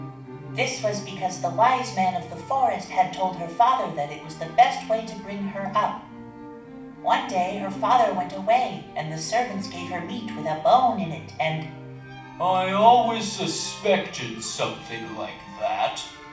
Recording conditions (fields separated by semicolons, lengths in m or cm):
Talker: one person; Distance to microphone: 5.8 m; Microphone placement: far; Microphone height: 1.8 m; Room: medium-sized (5.7 m by 4.0 m); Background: music